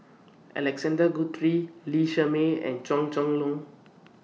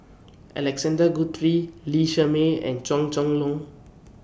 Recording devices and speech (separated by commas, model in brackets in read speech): mobile phone (iPhone 6), boundary microphone (BM630), read sentence